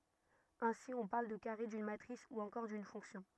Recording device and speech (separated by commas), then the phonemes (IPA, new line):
rigid in-ear microphone, read sentence
ɛ̃si ɔ̃ paʁl də kaʁe dyn matʁis u ɑ̃kɔʁ dyn fɔ̃ksjɔ̃